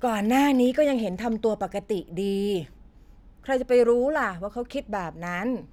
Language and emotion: Thai, neutral